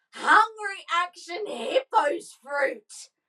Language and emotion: English, disgusted